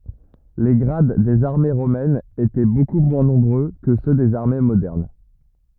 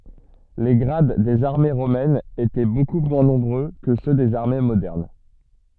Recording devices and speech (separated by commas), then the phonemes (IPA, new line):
rigid in-ear microphone, soft in-ear microphone, read sentence
le ɡʁad dez aʁme ʁomɛnz etɛ boku mwɛ̃ nɔ̃bʁø kə sø dez aʁme modɛʁn